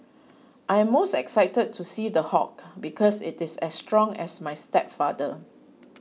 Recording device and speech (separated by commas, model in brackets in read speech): mobile phone (iPhone 6), read sentence